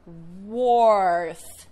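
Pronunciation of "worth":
'Worth' is pronounced incorrectly here.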